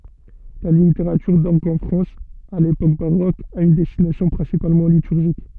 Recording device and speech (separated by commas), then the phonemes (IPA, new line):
soft in-ear microphone, read sentence
la liteʁatyʁ dɔʁɡ ɑ̃ fʁɑ̃s a lepok baʁok a yn dɛstinasjɔ̃ pʁɛ̃sipalmɑ̃ lityʁʒik